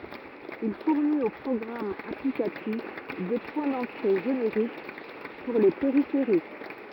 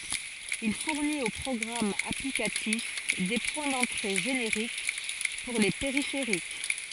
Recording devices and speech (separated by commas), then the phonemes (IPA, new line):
rigid in-ear microphone, forehead accelerometer, read sentence
il fuʁnit o pʁɔɡʁamz aplikatif de pwɛ̃ dɑ̃tʁe ʒeneʁik puʁ le peʁifeʁik